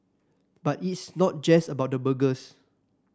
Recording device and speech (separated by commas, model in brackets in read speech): standing microphone (AKG C214), read sentence